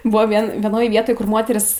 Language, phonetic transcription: Lithuanian, ˈbuvo ˈvien vieˈnoje ˈvietoj kur ˈmoterys

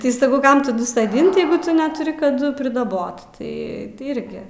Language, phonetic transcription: Lithuanian, ˈtai saˈkau ˈkam taˈdu soˈdint ˈjeigu ˈtu netuˈri kaˈdu pridaˈbot ˈtai tai ˈirgi

